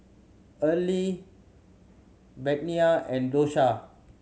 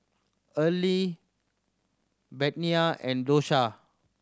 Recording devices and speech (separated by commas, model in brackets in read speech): mobile phone (Samsung C7100), standing microphone (AKG C214), read sentence